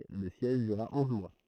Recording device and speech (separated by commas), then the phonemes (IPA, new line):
throat microphone, read sentence
lə sjɛʒ dyʁʁa ɔ̃z mwa